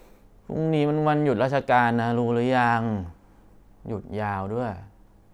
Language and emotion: Thai, frustrated